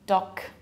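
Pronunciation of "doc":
'Dog' is pronounced incorrectly here, with final devoicing: the word ends in a k sound instead of a g, so it sounds like 'doc'.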